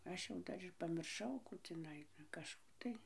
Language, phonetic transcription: Lithuanian, ˈaš jau ˈdar ir pamirˈšau ˈkų tiˈnai kažˈkų tai

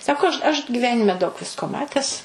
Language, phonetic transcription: Lithuanian, ˈsako aš aš giˈvenime daug ˈvisko ˈmates

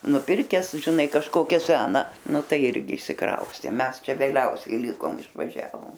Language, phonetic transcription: Lithuanian, nuˈpirkes žiˈnai kažˈkokią ˈsena ˈnu ˈtai ˈirgi išsiˈkraustė ˈmes ˈčia vėˈliausiai ˈlikom išvaˈžiavom

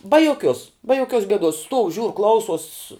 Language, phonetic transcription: Lithuanian, ba joˈkiuos ba joˈkiuos geˈduos stuov žiūr ˈklausos

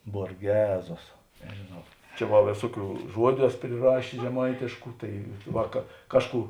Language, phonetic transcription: Lithuanian, borˈgezos nežėˈnau ˈčia va ˈvėsuoˌkių ˈžuodiu ˈeso priˈrašės žeˈmaitėšku ˈtai ˈva ka ˈkažˌkų

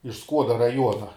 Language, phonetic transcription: Lithuanian, iš ˈskuoda raˈjuona

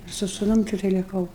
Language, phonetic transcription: Lithuanian, su suˈnum tikˈtai liˈkau

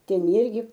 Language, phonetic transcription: Lithuanian, ˈten ˈirgi

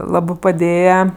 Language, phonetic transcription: Lithuanian, ˈlabɜ paˈdėja

